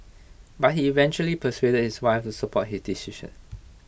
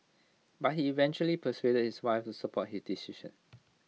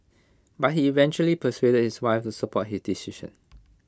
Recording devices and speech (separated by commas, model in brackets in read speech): boundary microphone (BM630), mobile phone (iPhone 6), close-talking microphone (WH20), read sentence